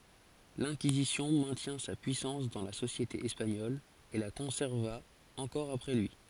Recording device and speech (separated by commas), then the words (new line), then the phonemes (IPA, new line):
forehead accelerometer, read sentence
L'Inquisition maintient sa puissance dans la société espagnole et la conserva encore après lui.
lɛ̃kizisjɔ̃ mɛ̃tjɛ̃ sa pyisɑ̃s dɑ̃ la sosjete ɛspaɲɔl e la kɔ̃sɛʁva ɑ̃kɔʁ apʁɛ lyi